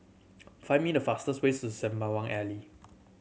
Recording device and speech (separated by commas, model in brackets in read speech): mobile phone (Samsung C7100), read sentence